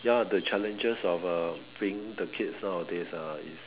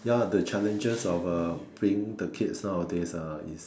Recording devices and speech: telephone, standing microphone, conversation in separate rooms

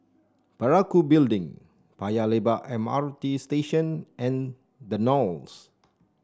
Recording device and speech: standing microphone (AKG C214), read sentence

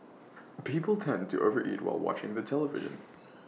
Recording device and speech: mobile phone (iPhone 6), read sentence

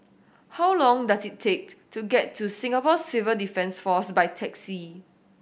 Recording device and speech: boundary microphone (BM630), read sentence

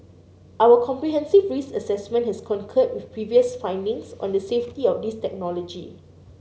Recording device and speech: mobile phone (Samsung C9), read sentence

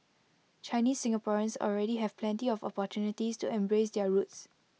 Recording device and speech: mobile phone (iPhone 6), read sentence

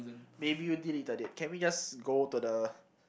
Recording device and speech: boundary microphone, conversation in the same room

